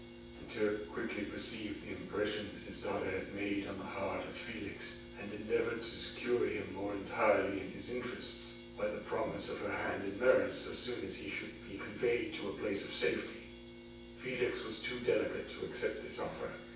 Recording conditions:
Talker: one person; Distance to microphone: 9.8 m; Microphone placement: far; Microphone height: 1.8 m; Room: large; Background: none

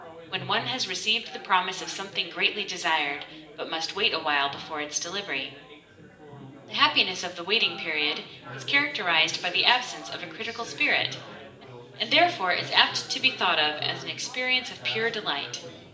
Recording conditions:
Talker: one person; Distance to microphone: 1.8 m; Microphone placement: close; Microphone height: 1.0 m; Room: large; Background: babble

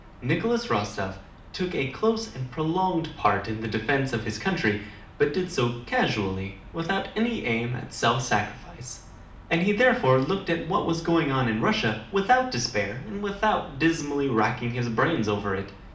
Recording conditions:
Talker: one person; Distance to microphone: 2.0 m; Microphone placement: close; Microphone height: 99 cm; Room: medium-sized (5.7 m by 4.0 m); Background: none

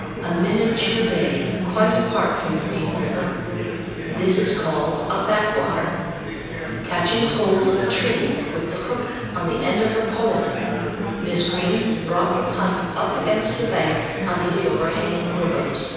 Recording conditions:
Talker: one person; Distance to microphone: 7.1 m; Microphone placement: far; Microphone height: 1.7 m; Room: very reverberant, large; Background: babble

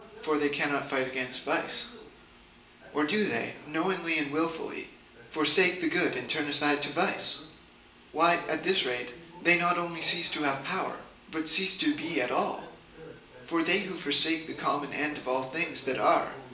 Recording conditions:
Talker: one person; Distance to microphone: 1.8 m; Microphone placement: close; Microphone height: 1.0 m; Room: large; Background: television

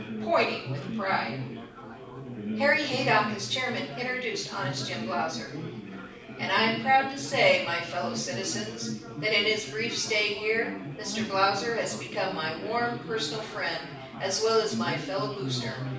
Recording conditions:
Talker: one person; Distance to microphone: 5.8 m; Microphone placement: far; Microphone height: 1.8 m; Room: medium-sized (5.7 m by 4.0 m); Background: babble

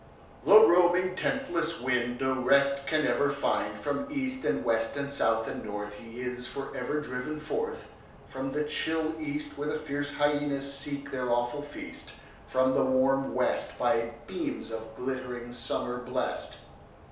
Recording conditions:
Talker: one person; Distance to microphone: 3.0 m; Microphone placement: far; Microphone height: 1.8 m; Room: small (3.7 m by 2.7 m); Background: none

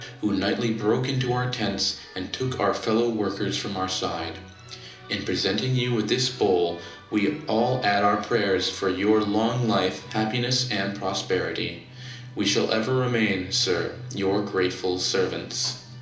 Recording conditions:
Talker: one person; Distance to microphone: 2.0 m; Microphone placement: close; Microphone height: 99 cm; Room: medium-sized (5.7 m by 4.0 m); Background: music

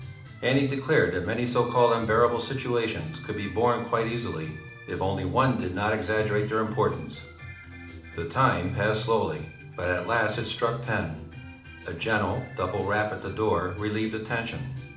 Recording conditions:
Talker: one person; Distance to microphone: 2.0 m; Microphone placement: close; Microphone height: 99 cm; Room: medium-sized (5.7 m by 4.0 m); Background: music

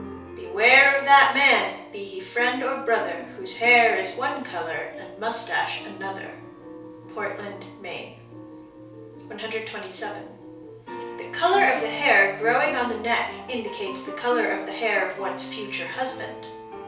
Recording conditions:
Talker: one person; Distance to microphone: 3.0 m; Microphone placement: far; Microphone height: 1.8 m; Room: small (3.7 m by 2.7 m); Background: music

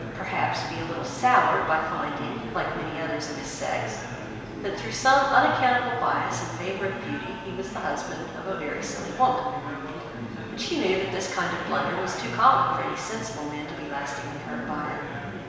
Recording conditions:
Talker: one person; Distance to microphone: 1.7 m; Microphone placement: close; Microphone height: 1.0 m; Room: very reverberant, large; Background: babble

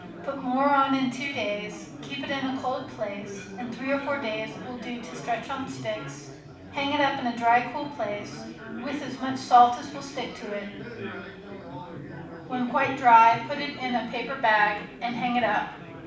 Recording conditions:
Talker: one person; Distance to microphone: 5.8 m; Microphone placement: far; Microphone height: 1.8 m; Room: medium-sized (5.7 m by 4.0 m); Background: babble

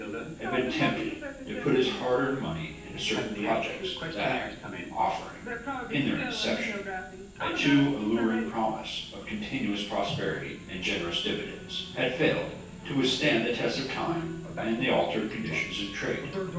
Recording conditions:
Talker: one person; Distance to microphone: 9.8 m; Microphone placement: far; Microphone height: 1.8 m; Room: large; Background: television

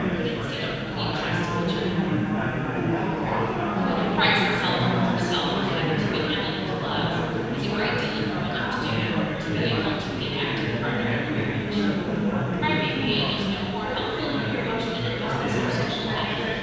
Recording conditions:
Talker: one person; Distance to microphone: 7.1 m; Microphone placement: far; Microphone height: 1.7 m; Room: very reverberant, large; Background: babble

